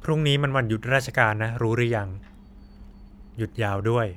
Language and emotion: Thai, neutral